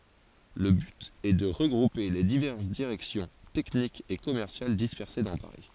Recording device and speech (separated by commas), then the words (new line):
forehead accelerometer, read sentence
Le but est de regrouper les diverses directions techniques et commerciales dispersées dans Paris.